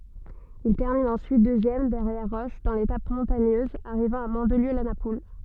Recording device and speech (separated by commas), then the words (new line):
soft in-ear microphone, read sentence
Il termine ensuite deuxième derrière Roche dans l'étape montagneuse arrivant à Mandelieu-la-Napoule.